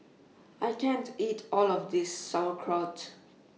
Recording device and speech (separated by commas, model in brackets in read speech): mobile phone (iPhone 6), read sentence